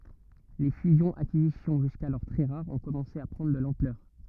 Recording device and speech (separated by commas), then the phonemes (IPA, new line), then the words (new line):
rigid in-ear microphone, read sentence
le fyzjɔ̃z akizisjɔ̃ ʒyskalɔʁ tʁɛ ʁaʁz ɔ̃ kɔmɑ̃se a pʁɑ̃dʁ də lɑ̃plœʁ
Les fusions-acquisitions, jusqu'alors très rares, ont commencé à prendre de l'ampleur.